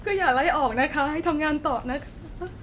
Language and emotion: Thai, sad